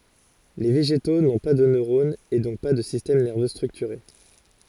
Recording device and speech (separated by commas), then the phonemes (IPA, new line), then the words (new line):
forehead accelerometer, read sentence
le veʒeto nɔ̃ pa də nøʁonz e dɔ̃k pa də sistɛm nɛʁvø stʁyktyʁe
Les végétaux n’ont pas de neurones et donc pas de système nerveux structuré.